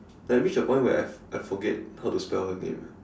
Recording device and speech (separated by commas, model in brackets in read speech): standing microphone, conversation in separate rooms